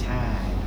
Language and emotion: Thai, neutral